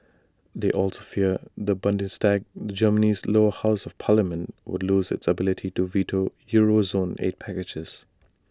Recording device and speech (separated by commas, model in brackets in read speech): standing microphone (AKG C214), read sentence